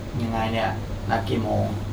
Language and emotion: Thai, frustrated